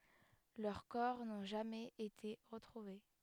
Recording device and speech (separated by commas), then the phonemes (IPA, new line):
headset microphone, read sentence
lœʁ kɔʁ nɔ̃ ʒamɛz ete ʁətʁuve